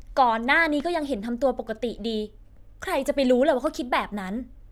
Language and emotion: Thai, frustrated